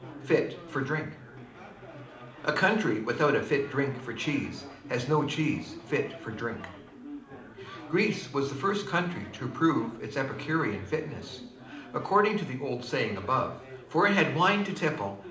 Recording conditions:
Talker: one person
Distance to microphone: 2.0 m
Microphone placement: close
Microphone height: 99 cm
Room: medium-sized (5.7 m by 4.0 m)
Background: babble

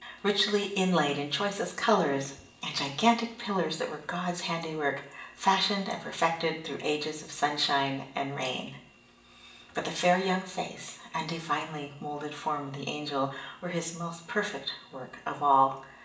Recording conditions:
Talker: one person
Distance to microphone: 1.8 m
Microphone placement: close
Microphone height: 1.0 m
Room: large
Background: none

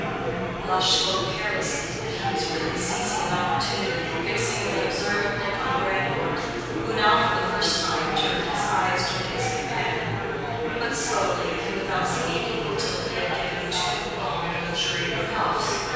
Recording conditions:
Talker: one person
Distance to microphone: 7.1 m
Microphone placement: far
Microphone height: 1.7 m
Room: very reverberant, large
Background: babble

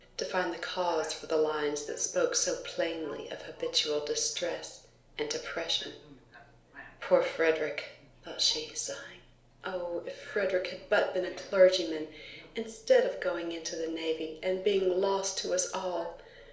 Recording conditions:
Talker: one person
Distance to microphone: 1.0 m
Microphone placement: close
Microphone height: 1.1 m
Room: small (3.7 m by 2.7 m)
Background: television

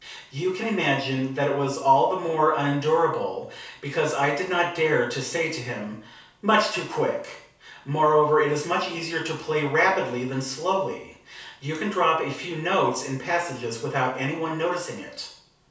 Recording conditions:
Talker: one person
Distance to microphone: 3.0 m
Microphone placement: far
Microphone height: 1.8 m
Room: small (3.7 m by 2.7 m)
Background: none

